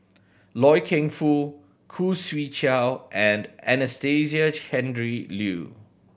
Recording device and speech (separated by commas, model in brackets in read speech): boundary microphone (BM630), read sentence